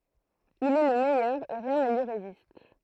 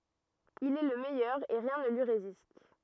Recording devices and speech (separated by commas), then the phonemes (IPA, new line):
throat microphone, rigid in-ear microphone, read sentence
il ɛ lə mɛjœʁ e ʁjɛ̃ nə lyi ʁezist